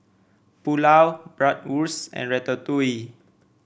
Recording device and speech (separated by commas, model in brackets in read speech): boundary microphone (BM630), read sentence